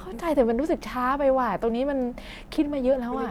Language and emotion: Thai, frustrated